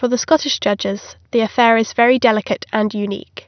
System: none